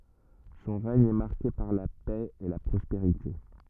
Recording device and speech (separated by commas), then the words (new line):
rigid in-ear microphone, read sentence
Son règne est marqué par la paix et la prospérité.